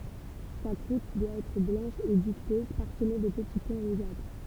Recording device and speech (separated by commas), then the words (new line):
temple vibration pickup, read sentence
Sa croûte doit être blanche et duveteuse, parsemée de petits points rougeâtres.